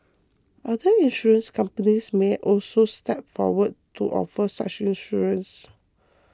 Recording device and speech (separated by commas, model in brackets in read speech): close-talking microphone (WH20), read sentence